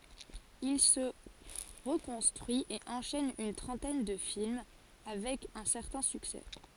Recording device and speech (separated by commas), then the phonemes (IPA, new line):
forehead accelerometer, read sentence
il sə ʁəkɔ̃stʁyi e ɑ̃ʃɛn yn tʁɑ̃tɛn də film avɛk œ̃ sɛʁtɛ̃ syksɛ